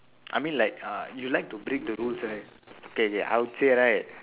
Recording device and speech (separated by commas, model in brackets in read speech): telephone, conversation in separate rooms